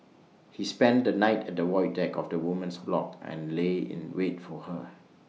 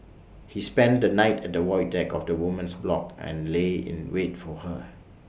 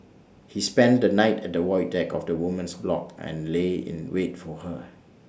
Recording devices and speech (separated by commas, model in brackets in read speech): mobile phone (iPhone 6), boundary microphone (BM630), standing microphone (AKG C214), read sentence